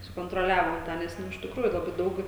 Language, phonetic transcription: Lithuanian, sukontroˈliavom ˈtą nes ˈnu iš tikˈrųju laˈbai ˈdaug

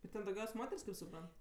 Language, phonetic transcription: Lithuanian, ir ˈten dauˈgiaus' ˈmoter's' kaip suˈprant

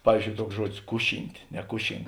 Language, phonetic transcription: Lithuanian, ˈpavyzˌdžiou ˈtuoks ˈžuodis ˈkuˌšynt' neˈkušink

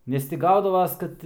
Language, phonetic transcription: Lithuanian, ˈnes ti ˈgaudavas ˈkad

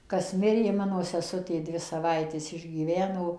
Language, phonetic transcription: Lithuanian, ˈkas ˈmirė ˈmano seˈsutė ˈdvi saˈvaites išgyˈveno

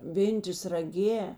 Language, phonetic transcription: Lithuanian, ˈvėntės raˈgė

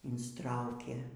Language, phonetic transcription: Lithuanian, insˈtraukė

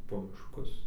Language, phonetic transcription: Lithuanian, po mišˈkus

